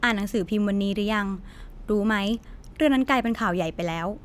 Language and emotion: Thai, neutral